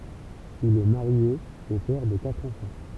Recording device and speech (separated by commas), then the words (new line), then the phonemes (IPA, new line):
temple vibration pickup, read sentence
Il est marié et père de quatre enfants.
il ɛ maʁje e pɛʁ də katʁ ɑ̃fɑ̃